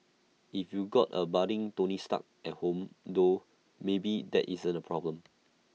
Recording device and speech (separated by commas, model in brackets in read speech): mobile phone (iPhone 6), read sentence